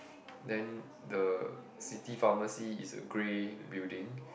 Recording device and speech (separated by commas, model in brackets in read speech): boundary microphone, conversation in the same room